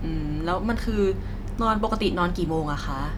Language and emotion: Thai, neutral